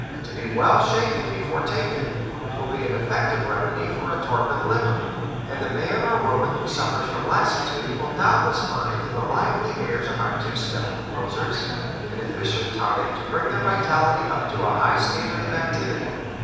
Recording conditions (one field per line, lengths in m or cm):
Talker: one person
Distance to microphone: 7.1 m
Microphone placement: far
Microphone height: 1.7 m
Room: very reverberant, large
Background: babble